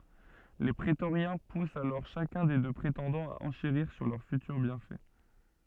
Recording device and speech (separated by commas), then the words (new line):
soft in-ear microphone, read sentence
Les prétoriens poussent alors chacun des deux prétendants à enchérir sur leurs futurs bienfaits.